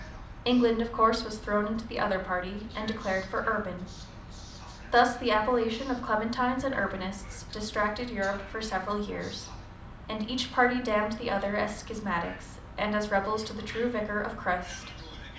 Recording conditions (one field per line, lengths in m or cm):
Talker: one person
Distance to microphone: 2.0 m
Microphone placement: close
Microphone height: 99 cm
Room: medium-sized (5.7 m by 4.0 m)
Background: television